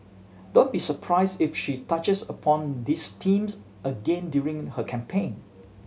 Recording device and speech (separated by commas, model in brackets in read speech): mobile phone (Samsung C7100), read sentence